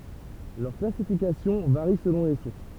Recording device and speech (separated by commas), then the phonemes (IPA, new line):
temple vibration pickup, read sentence
lœʁ klasifikasjɔ̃ vaʁi səlɔ̃ le suʁs